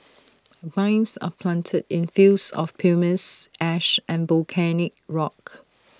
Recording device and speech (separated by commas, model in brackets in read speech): standing microphone (AKG C214), read sentence